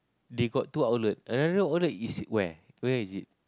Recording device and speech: close-talking microphone, conversation in the same room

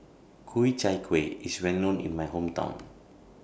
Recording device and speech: boundary microphone (BM630), read sentence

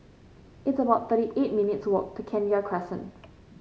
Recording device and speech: mobile phone (Samsung C5), read sentence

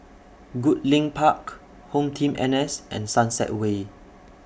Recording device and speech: boundary microphone (BM630), read sentence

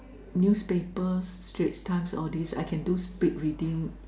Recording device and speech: standing microphone, conversation in separate rooms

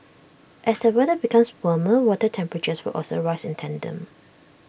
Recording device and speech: boundary microphone (BM630), read sentence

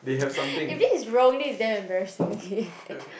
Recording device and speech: boundary microphone, conversation in the same room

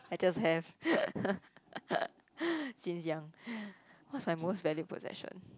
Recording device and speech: close-talking microphone, conversation in the same room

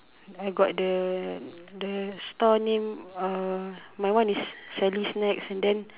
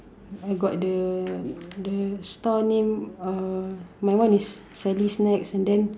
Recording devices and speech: telephone, standing microphone, conversation in separate rooms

